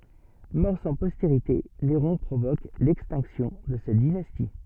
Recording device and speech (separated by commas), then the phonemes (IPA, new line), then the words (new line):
soft in-ear microphone, read sentence
mɔʁ sɑ̃ pɔsteʁite neʁɔ̃ pʁovok lɛkstɛ̃ksjɔ̃ də sɛt dinasti
Mort sans postérité, Néron provoque l'extinction de cette dynastie.